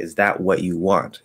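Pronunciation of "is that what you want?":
'Is that what you want?' is said slowly and clearly, so the vowel in 'what' moves toward the upside-down V sound rather than a true schwa.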